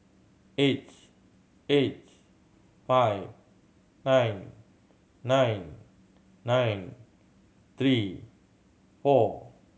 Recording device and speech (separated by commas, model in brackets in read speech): mobile phone (Samsung C7100), read sentence